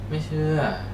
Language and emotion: Thai, frustrated